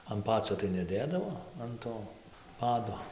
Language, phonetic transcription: Lithuanian, an ˈpacio tai neˈdėdavo an ˈto ˈpado

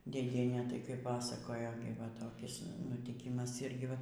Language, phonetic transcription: Lithuanian, dėˈdienė tai kai ˈpasakojo gi va toˈkis nutiˈkimas ˈirgi ˈva

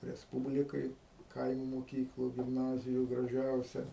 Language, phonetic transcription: Lithuanian, resˈpūblikaj ˈkaimu moˈkyklu gimˈnaziju graˈžiausia

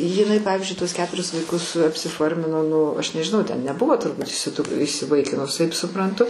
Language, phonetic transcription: Lithuanian, jiˈnai ˈpavizdžiui tuos ˈketuris vaiˈkus apsiˈformino ˈnu ˈaš nežiˈnau ten neˈbuvo turˈbūt įsiˈdu įsiˈvaikinus ˈtaip supranˈtu

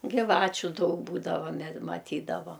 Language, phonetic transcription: Lithuanian, giˈvačiu ˈdaug ˈbūdavo me maˈtydava

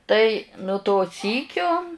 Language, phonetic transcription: Lithuanian, ˈtai nu to ˈsykio

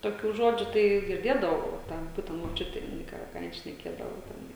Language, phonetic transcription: Lithuanian, toˈkių ˈžodžių tai girˈdėdavau o ˈten ˈbūtent moˈčiutė jiˈnai ˈką ˈką ˈjin šneˈkėdavo teˈnai

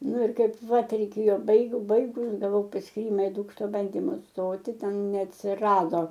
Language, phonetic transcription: Lithuanian, ˈnu ˈir ˈkaip ˈva tereiˈkėjo ˈbaigu ˈbaigus gaˈvau paskyˈrima i ˈdūkšto ˈbandimu ˈstoti ˈten neatsiˈrado

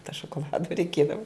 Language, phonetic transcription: Lithuanian, to šokoˈladu reiˈkiedavu

